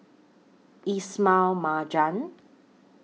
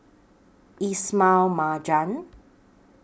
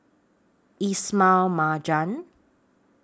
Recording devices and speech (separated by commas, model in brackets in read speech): mobile phone (iPhone 6), boundary microphone (BM630), standing microphone (AKG C214), read sentence